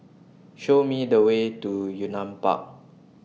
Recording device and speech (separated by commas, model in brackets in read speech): mobile phone (iPhone 6), read sentence